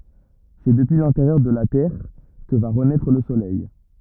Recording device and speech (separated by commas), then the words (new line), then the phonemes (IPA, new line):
rigid in-ear microphone, read sentence
C'est depuis l'intérieur de la Terre que va renaître le soleil.
sɛ dəpyi lɛ̃teʁjœʁ də la tɛʁ kə va ʁənɛtʁ lə solɛj